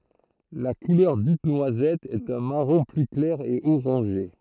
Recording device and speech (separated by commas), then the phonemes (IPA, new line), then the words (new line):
throat microphone, read sentence
la kulœʁ dit nwazɛt ɛt œ̃ maʁɔ̃ ply klɛʁ e oʁɑ̃ʒe
La couleur dite noisette est un marron plus clair et orangé.